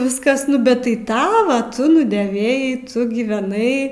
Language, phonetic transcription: Lithuanian, ˈviskas nu ˈbet tai ˈtava tu nudėˈvėjai ˈtu gyveˈnai

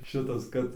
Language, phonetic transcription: Lithuanian, ˈšitas ˈkad

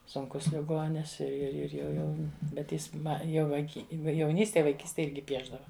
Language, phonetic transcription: Lithuanian, sunˈkus liˈgonis ir ir ˈir jau ˈjau bet ˈjis ˈma jau vaiˈky jauˈnystėj vaiˈkystėj ˈirgi ˈpiešdava

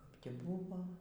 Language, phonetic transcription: Lithuanian, kap tį ˈbuvo

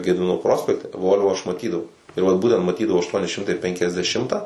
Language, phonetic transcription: Lithuanian, gediˈmino ˈprospekte ˈvol'vo ˈaš maˈtydavau ir ˈvat ˈbūtent maˈtydavau ašˈtuoni ˈšimtai ˌpenkiasdeˈšimtą

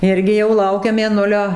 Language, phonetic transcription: Lithuanian, ˈirgi jau ˈlaukia mėˈnulio

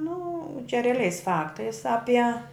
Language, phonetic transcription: Lithuanian, nu čia reaˈliais ˈfaktais ˈapie

